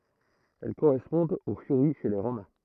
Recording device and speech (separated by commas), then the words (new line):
throat microphone, read sentence
Elles correspondent aux Furies chez les Romains.